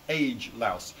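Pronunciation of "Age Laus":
The name is pronounced incorrectly here.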